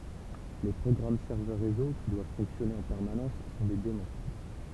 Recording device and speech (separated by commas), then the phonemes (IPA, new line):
temple vibration pickup, read sentence
le pʁɔɡʁam sɛʁvœʁ ʁezo ki dwav fɔ̃ksjɔne ɑ̃ pɛʁmanɑ̃s sɔ̃ de daɛmɔ̃